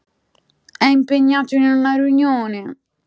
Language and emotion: Italian, sad